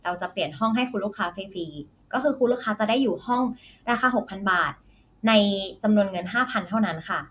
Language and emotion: Thai, neutral